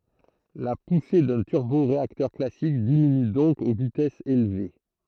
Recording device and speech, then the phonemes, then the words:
throat microphone, read sentence
la puse dœ̃ tyʁboʁeaktœʁ klasik diminy dɔ̃k o vitɛsz elve
La poussée d'un turboréacteur classique diminue donc aux vitesses élevées.

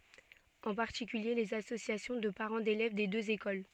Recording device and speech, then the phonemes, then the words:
soft in-ear microphone, read sentence
ɑ̃ paʁtikylje lez asosjasjɔ̃ də paʁɑ̃ delɛv de døz ekol
En particulier les associations de parents d'élèves des deux écoles.

